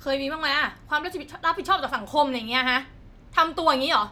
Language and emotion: Thai, angry